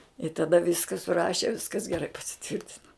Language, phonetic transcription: Lithuanian, i taˈda ˈviska suˈraše ˈviskas geˈrai pasiˈtvirtina

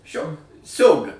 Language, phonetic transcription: Lithuanian, ˈšio ˈsiaubi

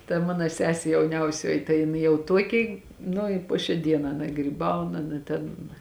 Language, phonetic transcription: Lithuanian, ta ˈmano ˈsesė jauˈniausioji tai jiˈnai jau ˈtuoki ˈnu i ˈpo šiā ˈdienā ˈana gryˈbaun ˈana ten

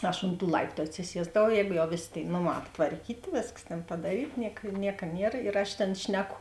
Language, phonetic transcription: Lithuanian, ˈaš ont tų ˈlaiptu atsiˈsiesdavau ˈjēgu jau ˈvėˌsė tėi ˈnoˌmā aptvarˈkytė ˈvėskas tėn padaˈryt ˈniek ˈnieka ˈnier ir aš ˈtėn ˈšneˌku

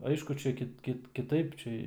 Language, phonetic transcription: Lithuanian, ˈaišku ˈčia kit ˈkit kiˈtaip ˈčia

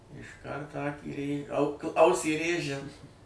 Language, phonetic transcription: Lithuanian, išˈkart ˈakį rė au k ˈausį ˈrėžia

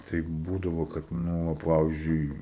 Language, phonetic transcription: Lithuanian, ˈtai ˈbūdavo ˈkad ˈnu o ˈpavyzdžiui

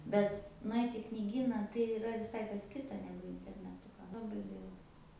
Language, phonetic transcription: Lithuanian, ˈbet nuˈait' i kniˈgyna tai yˈra viˈsai kas ˈkita ˈnegu interneˈtu laˈbai ˈgaila

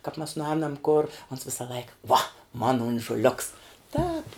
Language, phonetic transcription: Lithuanian, kap mes nuˈēnam kor ons ˈvisa ˈlaika vo mona onžuˈliuks ˈtāp

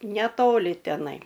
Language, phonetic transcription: Lithuanian, neˈtoli teˈnai

